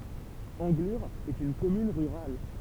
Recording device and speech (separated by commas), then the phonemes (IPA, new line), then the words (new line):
temple vibration pickup, read sentence
ɑ̃ɡlyʁ ɛt yn kɔmyn ʁyʁal
Anglure est une commune rurale.